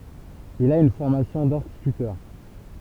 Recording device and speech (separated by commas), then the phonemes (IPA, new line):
temple vibration pickup, read sentence
il a yn fɔʁmasjɔ̃ dɛ̃stitytœʁ